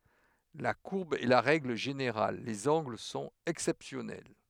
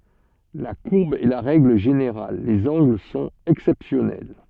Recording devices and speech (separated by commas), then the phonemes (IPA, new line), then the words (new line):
headset microphone, soft in-ear microphone, read sentence
la kuʁb ɛ la ʁɛɡl ʒeneʁal lez ɑ̃ɡl sɔ̃t ɛksɛpsjɔnɛl
La courbe est la règle générale, les angles sont exceptionnels.